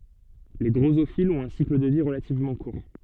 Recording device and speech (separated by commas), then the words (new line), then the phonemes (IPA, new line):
soft in-ear microphone, read sentence
Les drosophiles ont un cycle de vie relativement court.
le dʁozofilz ɔ̃t œ̃ sikl də vi ʁəlativmɑ̃ kuʁ